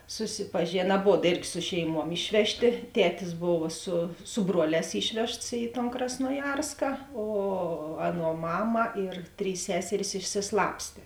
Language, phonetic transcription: Lithuanian, susipaˈžėna aˈbod ˈėrgi ˈsu šeiˌmuom ˈišvežˌtė ˈtetis ˈbova su su ˈbruoˌlēs ˈišvežts į tan krasnoˈjarska o ˈaˌnuo ˈmama ir ˈtrys ˈseseris išsiˈslapstė

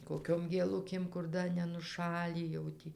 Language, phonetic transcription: Lithuanian, kokiom gėˈlukėm kur ˈda nenuˈšalį jau ˈtį

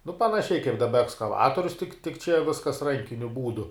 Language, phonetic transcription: Lithuanian, nu panaˈšiai kaip daˈba ekskaˈvatorius tik tik čia ˈviskas ˈrankiniu ˈbūdu

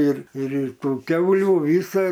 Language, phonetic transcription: Lithuanian, ˈir ir ir ˈtų ˈkiaulių ˈvysa

